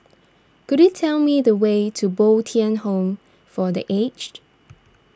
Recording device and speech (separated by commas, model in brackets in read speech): standing microphone (AKG C214), read sentence